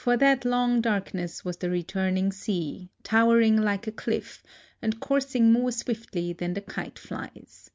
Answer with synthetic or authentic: authentic